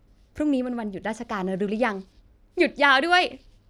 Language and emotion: Thai, happy